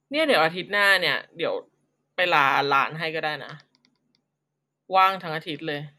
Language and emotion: Thai, neutral